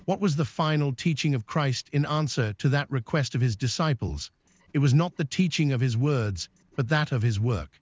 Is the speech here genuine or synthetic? synthetic